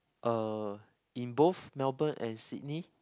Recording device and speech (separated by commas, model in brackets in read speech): close-talking microphone, conversation in the same room